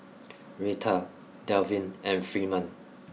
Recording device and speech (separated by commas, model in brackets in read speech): mobile phone (iPhone 6), read sentence